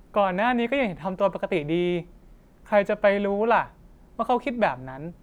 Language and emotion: Thai, neutral